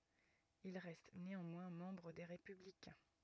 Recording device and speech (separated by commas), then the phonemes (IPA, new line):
rigid in-ear microphone, read sentence
il ʁɛst neɑ̃mwɛ̃ mɑ̃bʁ de ʁepyblikɛ̃